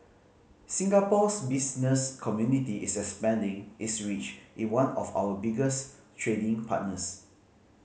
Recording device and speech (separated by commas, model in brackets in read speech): mobile phone (Samsung C5010), read sentence